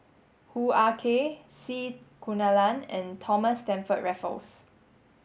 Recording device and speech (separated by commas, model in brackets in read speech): mobile phone (Samsung S8), read sentence